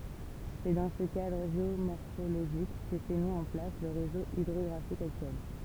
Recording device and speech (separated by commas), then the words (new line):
temple vibration pickup, read sentence
C'est dans ce cadre géomorphologique que s'est mis en place le réseau hydrographique actuel.